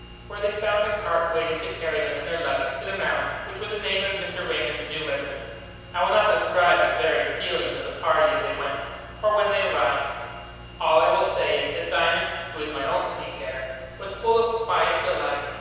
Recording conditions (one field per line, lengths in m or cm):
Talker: one person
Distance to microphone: 7.1 m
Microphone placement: far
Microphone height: 1.7 m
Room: very reverberant, large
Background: none